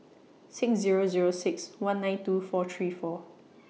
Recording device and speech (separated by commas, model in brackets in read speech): mobile phone (iPhone 6), read sentence